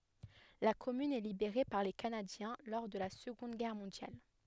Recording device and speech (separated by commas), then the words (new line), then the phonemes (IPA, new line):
headset microphone, read sentence
La commune est libérée par les Canadiens lors de la Seconde Guerre mondiale.
la kɔmyn ɛ libeʁe paʁ le kanadjɛ̃ lɔʁ də la səɡɔ̃d ɡɛʁ mɔ̃djal